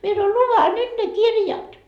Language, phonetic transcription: Finnish, mie sanoi » 'luveha 'nyt ne "kirjat .
- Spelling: minä sanoin luehan nyt ne kirjat

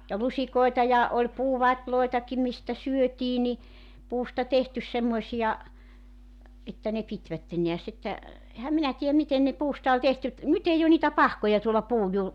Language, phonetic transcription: Finnish, ja 'lusikoeta ja , oĺ 'puu'vat́loetaki mistä 'syötii ni , 'puusta 'tehtys semmoᵉsija , että ne 'pitvätten nḙäs ‿että , 'ehäm 'minä tii₍äm 'miten ne , 'puusta oĺ 'tehty et , 'nyt ‿ei o niitä "pahkoja tuola 'puuj 'ju- ,.
- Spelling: ja lusikoita ja oli puuvatejakin mistä syötiin niin puusta tehty semmoisia että ne pitivät näet että enhän minä tiedä miten ne puusta oli tehty että nyt ei ole niitä pahkoja tuolla puun -

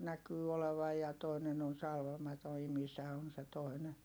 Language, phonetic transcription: Finnish, näkyy olevaj ja toinen ‿on salvamato imisä on̬ se toi̮nen .
- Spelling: näkyy olevan ja toinen on salvaamaton imisä on se toinen

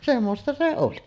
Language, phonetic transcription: Finnish, semmosta se 'oli .
- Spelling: semmoista se oli

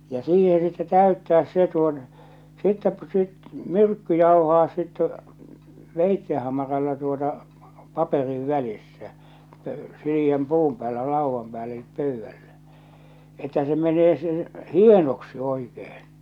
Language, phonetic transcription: Finnish, ja 'siihe sitte 'täyttääs se tuot- , sittɛ , sit- 'myrkky 'jauhaa sitte , veitte hamaralla tuota , 'paperiv 'välissä , pᴏ̈ʏ- 'sili₍äm 'puum päällä 'làuvvam pääll ‿elip 'pö̀yvvällä , että sᵉ menee se hienoksi 'oikehᴇɴ .
- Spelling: ja siihen sitten täyttää se - sitten - myrkky jauhaa sitten veitsen hamaralla tuota paperin välissä - sileän puun päällä laudan päällä eli pöydällä että se menee se hienoksi oikein

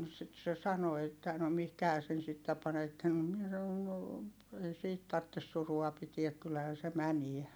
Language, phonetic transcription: Finnish, sit se sano että̀ » no mihkähää sen sittä panetten » no miɛ saⁿon » no , ei siit tarttes surua pitiäk kyllähää se mäniä » .
- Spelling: sitten se sanoi että no mihinkähän sen sitten panette no minä sanoin no ei siitä tarvitse surua pitää kyllähän se menee

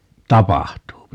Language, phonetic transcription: Finnish, 'tapahtuupi .
- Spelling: tapahtuu

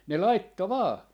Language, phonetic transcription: Finnish, 'ne "laitto "vaa .
- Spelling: ne laittoi vain

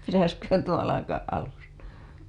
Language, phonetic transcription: Finnish, pitäsköhän tuo alakaaˀ ˀalusta .
- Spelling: pitäisiköhän tuo alkaa alusta

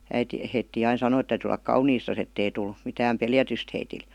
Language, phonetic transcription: Finnish, 'äiti , heittii ain 'sanoi et täytyy ol̆lak "kauniistas ettei tul , mitääm "peljätyst heitil .
- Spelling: äiti heitä aina sanoi että täytyy olla kauniisti että ei tule mitään pelätystä heille

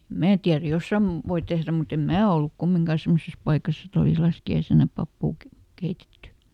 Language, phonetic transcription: Finnish, "mää tiär ˈjossam- , ˈvoi tehrä mut ‿em "mää olluk ˈkummiŋkà ˈsemmoses ˈpaikas ‿et ‿olìs ˈlaski₍aisena ˈpappuu ke- , ˈkeitetty .
- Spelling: minä tiedä - voi tehdä mutta en minä ollut kumminkaan semmoisessa paikassa että olisi laskiaisena papua - keitetty

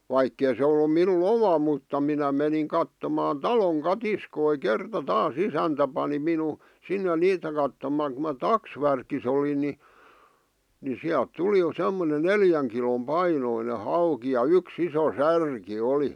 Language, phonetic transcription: Finnish, 'vaikkei se ollu 'minu"n ‿oma mutta minä meniŋ kattomaan "taloŋ "katiskoi 'kerta "taas "isäntä pani minu , 'sinne "niitä kattomàᵑ ku ma "taksvärkis ‿olin ni , ni 'siält "tuli 'semmone "neljäŋ kilom 'painoine 'hauki ja "yks ‿iso 'särki 'oli .
- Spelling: vaikka ei se ollut minun oma mutta minä menin katsomaan talon katiskoja kerta taas isäntä pani minun sinne niitä katsomaan kun minä taksvärkissä olin niin niin sieltä tuli semmoinen neljän kilon painoinen hauki ja yksi iso särki oli

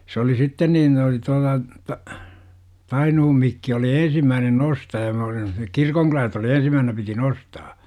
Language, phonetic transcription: Finnish, sᵉ oli "sitten niin oli tuala , "Tainuhum 'Mikki oli 'eḛsimmäänen "nostaja me olim̆ma sinnek "kirkoŋkylält oli 'ensimmäähnä piti "nostaa .
- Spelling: se oli sitten niin oli tuolla Tainuun Mikki oli ensimmäinen nostaja me olimme sinne kirkonkylältä oli ensimmäisenä piti nostaa

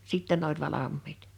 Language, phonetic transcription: Finnish, 'sìttɛ n ‿oĺ 'valammiit .
- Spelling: sitten ne oli valmiit

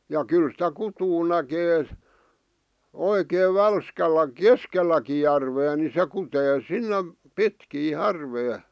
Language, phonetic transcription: Finnish, ja 'kyl sⁱtä "kutuu näkee , 'oikeev "välskäl̀ä , "keskel̆läki järvee ni 'se kutee "sinnem , "pitkii "h̳ärvee .
- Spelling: ja kyllä sitä kutua näkee oikein välskällä keskelläkin järveä niin se kutee sinne pitkin järveä

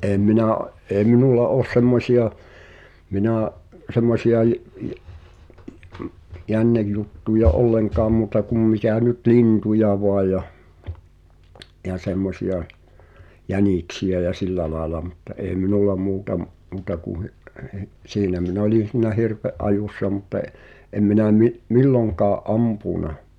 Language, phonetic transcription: Finnish, ’eem 'minà̳’ , ’ee 'minulla "oos 'semmośi₍a , 'minä̀’ , 'semmosi₍a j- , (ji- , ’i- m-) , 'jännejjuttuja "’olleŋkaam 'muuta kum 'mitä̀ 'nyt "lintuja voaʲ ja , ja 'semmosi₍a , "jänìksi₍ä ja "sillä laela mutta '’ee "minulla 'muuta m- , 'muuta ku(j) , hi- , "siinä mi'n ‿olin̬ sìnä "hirv̳̀e’ '’ajussa mut ‿e’ , 'em minä mi’- , "milloŋkaa’ "’ampùna .
- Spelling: en minä ei minulla ole semmoisia minä semmoisia - - - - jännejuttuja ollenkaan muuta kuin mitä nyt lintuja vain ja ja semmoisia jäniksiä ja sillä lailla mutta ei minulla muuta - muuta kuin - siinä minä olin sinä hirven ajossa mutta en en minä - milloinkaan ampunut

